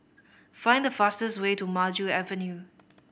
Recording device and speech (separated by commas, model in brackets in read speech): boundary microphone (BM630), read sentence